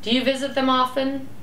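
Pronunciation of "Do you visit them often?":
'Do you visit them often?' is said with a falling intonation.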